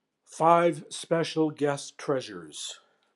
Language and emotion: English, neutral